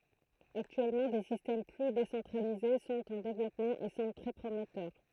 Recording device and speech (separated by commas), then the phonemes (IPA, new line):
throat microphone, read sentence
aktyɛlmɑ̃ de sistɛm ply desɑ̃tʁalize sɔ̃t ɑ̃ devlɔpmɑ̃ e sɑ̃bl tʁɛ pʁomɛtœʁ